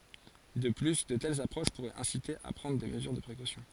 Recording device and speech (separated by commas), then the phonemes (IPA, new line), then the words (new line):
forehead accelerometer, read sentence
də ply də tɛlz apʁoʃ puʁɛt ɛ̃site a pʁɑ̃dʁ de məzyʁ də pʁekosjɔ̃
De plus, de telles approches pourraient inciter à prendre des mesures de précaution.